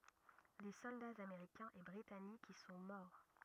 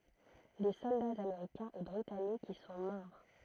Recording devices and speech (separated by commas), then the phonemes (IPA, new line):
rigid in-ear microphone, throat microphone, read sentence
de sɔldaz ameʁikɛ̃z e bʁitanikz i sɔ̃ mɔʁ